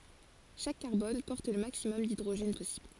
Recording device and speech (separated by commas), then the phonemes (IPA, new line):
forehead accelerometer, read sentence
ʃak kaʁbɔn pɔʁt lə maksimɔm didʁoʒɛn pɔsibl